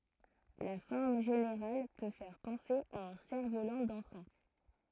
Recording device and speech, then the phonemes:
throat microphone, read sentence
la fɔʁm ʒeneʁal pø fɛʁ pɑ̃se a œ̃ sɛʁfvolɑ̃ dɑ̃fɑ̃

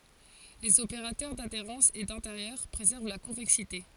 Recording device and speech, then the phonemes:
forehead accelerometer, read sentence
lez opeʁatœʁ dadeʁɑ̃s e dɛ̃teʁjœʁ pʁezɛʁv la kɔ̃vɛksite

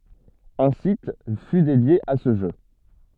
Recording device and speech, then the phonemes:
soft in-ear microphone, read sentence
œ̃ sit fy dedje a sə ʒø

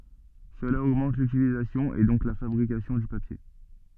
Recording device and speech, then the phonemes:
soft in-ear microphone, read sentence
səla oɡmɑ̃t lytilizasjɔ̃ e dɔ̃k la fabʁikasjɔ̃ dy papje

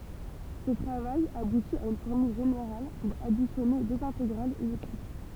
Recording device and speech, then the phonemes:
temple vibration pickup, read sentence
sə tʁavaj abuti a yn fɔʁmyl ʒeneʁal puʁ adisjɔne døz ɛ̃teɡʁalz ɛliptik

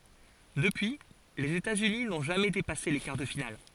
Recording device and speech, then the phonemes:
forehead accelerometer, read sentence
dəpyi lez etatsyni nɔ̃ ʒamɛ depase le kaʁ də final

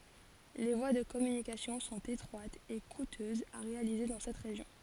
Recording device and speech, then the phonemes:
forehead accelerometer, read sentence
le vwa də kɔmynikasjɔ̃ sɔ̃t etʁwatz e kutøzz a ʁealize dɑ̃ sɛt ʁeʒjɔ̃

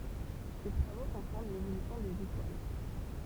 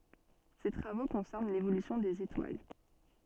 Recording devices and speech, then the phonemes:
temple vibration pickup, soft in-ear microphone, read sentence
se tʁavo kɔ̃sɛʁn levolysjɔ̃ dez etwal

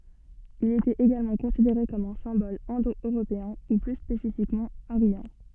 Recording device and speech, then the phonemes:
soft in-ear microphone, read sentence
il etɛt eɡalmɑ̃ kɔ̃sideʁe kɔm œ̃ sɛ̃bɔl ɛ̃do øʁopeɛ̃ u ply spesifikmɑ̃ aʁjɑ̃

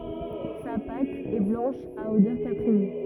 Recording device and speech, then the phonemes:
rigid in-ear microphone, read sentence
sa pat ɛ blɑ̃ʃ a odœʁ kapʁin

